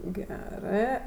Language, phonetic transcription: Lithuanian, ˈgerɜ

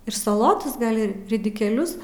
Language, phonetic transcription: Lithuanian, ir saˈlotos ˈgal' ˈi ridikėˈlius

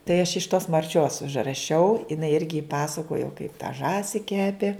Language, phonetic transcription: Lithuanian, tai aš iš tos marˈčios užraˈšiau iˈnai ˈirgi ˈpasakojo kaip ta ˈžąsi ˈkepė

